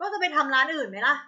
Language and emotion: Thai, frustrated